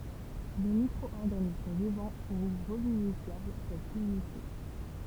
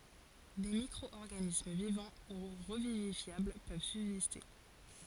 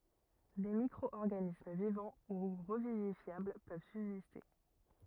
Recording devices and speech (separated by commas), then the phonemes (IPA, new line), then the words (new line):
temple vibration pickup, forehead accelerometer, rigid in-ear microphone, read sentence
de mikʁɔɔʁɡanism vivɑ̃ u ʁəvivifjabl pøv sybziste
Des micro-organismes vivants ou revivifiables peuvent subsister.